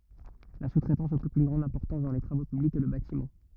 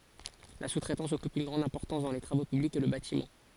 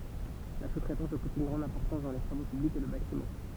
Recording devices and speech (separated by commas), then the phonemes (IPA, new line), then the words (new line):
rigid in-ear microphone, forehead accelerometer, temple vibration pickup, read sentence
la su tʁɛtɑ̃s ɔkyp yn ɡʁɑ̃d ɛ̃pɔʁtɑ̃s dɑ̃ le tʁavo pyblikz e lə batimɑ̃
La sous-traitance occupe une grande importance dans les travaux publics et le bâtiment.